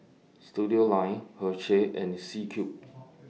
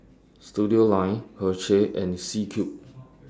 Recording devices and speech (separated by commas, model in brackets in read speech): mobile phone (iPhone 6), standing microphone (AKG C214), read sentence